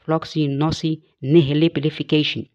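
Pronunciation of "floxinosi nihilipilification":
'Floccinaucinihilipilification' is said with the British pronunciation. There is a secondary stress at the very beginning of the word, weaker and lighter than the primary stress.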